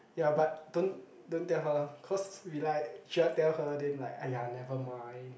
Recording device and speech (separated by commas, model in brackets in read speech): boundary microphone, conversation in the same room